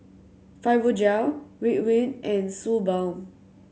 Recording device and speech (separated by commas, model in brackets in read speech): mobile phone (Samsung C7100), read sentence